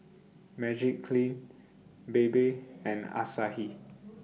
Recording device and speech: mobile phone (iPhone 6), read sentence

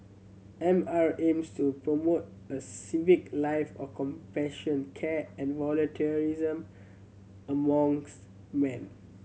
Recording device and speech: mobile phone (Samsung C7100), read sentence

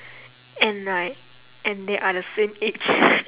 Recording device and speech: telephone, conversation in separate rooms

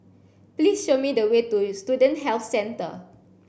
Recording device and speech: boundary microphone (BM630), read sentence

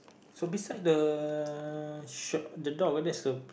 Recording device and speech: boundary microphone, conversation in the same room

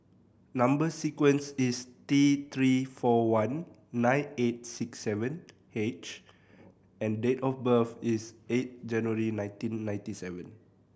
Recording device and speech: boundary microphone (BM630), read sentence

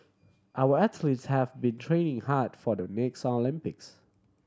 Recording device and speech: standing microphone (AKG C214), read sentence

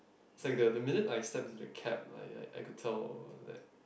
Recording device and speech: boundary microphone, conversation in the same room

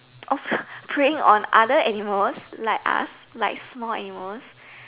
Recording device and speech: telephone, conversation in separate rooms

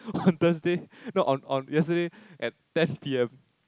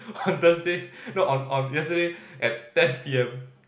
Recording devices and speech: close-talking microphone, boundary microphone, conversation in the same room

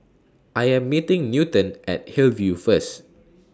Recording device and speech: standing microphone (AKG C214), read sentence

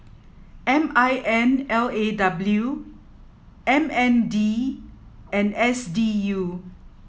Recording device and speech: mobile phone (iPhone 7), read sentence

